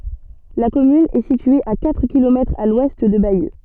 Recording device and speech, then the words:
soft in-ear microphone, read sentence
La commune est située à quatre kilomètres à l'ouest de Bayeux.

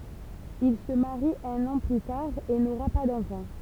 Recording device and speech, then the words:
temple vibration pickup, read sentence
Il se marie un an plus tard et n’aura pas d’enfants.

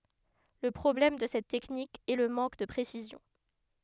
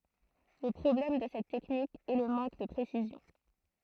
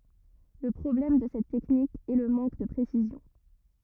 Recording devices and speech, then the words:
headset microphone, throat microphone, rigid in-ear microphone, read sentence
Le problème de cette technique est le manque de précision.

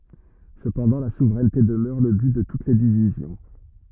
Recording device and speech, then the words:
rigid in-ear microphone, read sentence
Cependant, la souveraineté demeure le but de toutes les divisions.

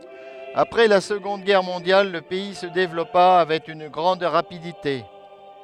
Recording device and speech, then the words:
headset microphone, read sentence
Après la Seconde Guerre mondiale le pays se développa avec une grande rapidité.

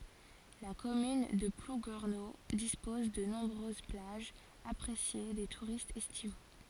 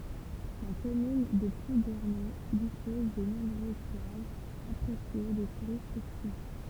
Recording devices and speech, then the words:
forehead accelerometer, temple vibration pickup, read sentence
La commune de Plouguerneau dispose de nombreuses plages, appréciées des touristes estivaux.

